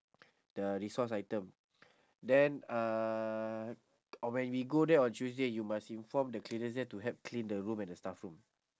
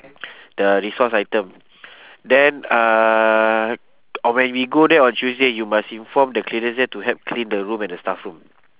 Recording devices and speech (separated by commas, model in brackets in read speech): standing microphone, telephone, conversation in separate rooms